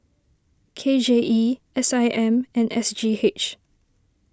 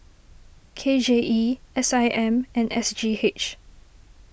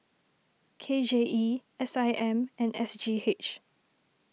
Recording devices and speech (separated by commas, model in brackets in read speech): standing microphone (AKG C214), boundary microphone (BM630), mobile phone (iPhone 6), read sentence